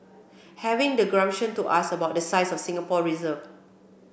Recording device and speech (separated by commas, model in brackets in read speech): boundary microphone (BM630), read sentence